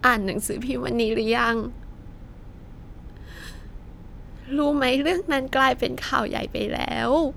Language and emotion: Thai, sad